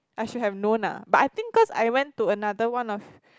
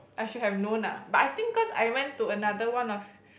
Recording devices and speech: close-talking microphone, boundary microphone, conversation in the same room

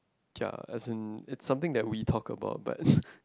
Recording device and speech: close-talking microphone, conversation in the same room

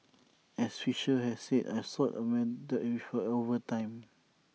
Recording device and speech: mobile phone (iPhone 6), read sentence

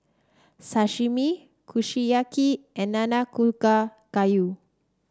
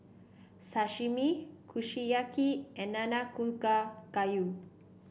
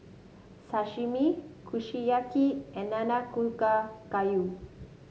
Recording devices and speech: standing microphone (AKG C214), boundary microphone (BM630), mobile phone (Samsung S8), read sentence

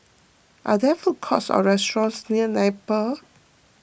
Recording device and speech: boundary microphone (BM630), read sentence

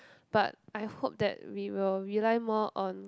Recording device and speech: close-talking microphone, conversation in the same room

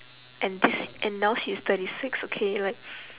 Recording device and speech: telephone, conversation in separate rooms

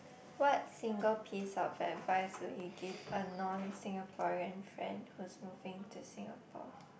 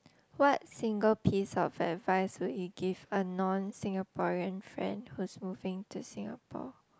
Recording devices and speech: boundary microphone, close-talking microphone, conversation in the same room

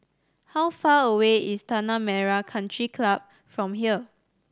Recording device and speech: standing microphone (AKG C214), read sentence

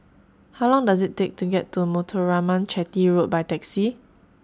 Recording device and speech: standing microphone (AKG C214), read sentence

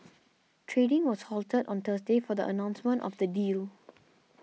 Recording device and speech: mobile phone (iPhone 6), read sentence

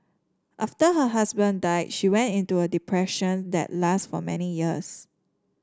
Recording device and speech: standing microphone (AKG C214), read sentence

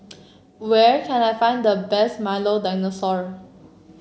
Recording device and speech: mobile phone (Samsung C7), read sentence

